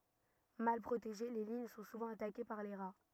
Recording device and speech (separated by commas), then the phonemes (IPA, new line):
rigid in-ear microphone, read sentence
mal pʁoteʒe le liɲ sɔ̃ suvɑ̃ atake paʁ le ʁa